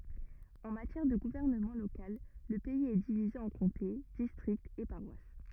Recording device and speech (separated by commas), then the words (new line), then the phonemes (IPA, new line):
rigid in-ear microphone, read sentence
En matière de gouvernement local, le pays est divisé en comtés, districts et paroisses.
ɑ̃ matjɛʁ də ɡuvɛʁnəmɑ̃ lokal lə pɛiz ɛ divize ɑ̃ kɔ̃te distʁiktz e paʁwas